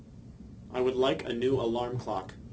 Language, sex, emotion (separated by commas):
English, male, neutral